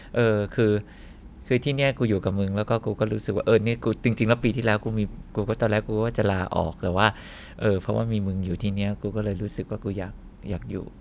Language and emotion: Thai, happy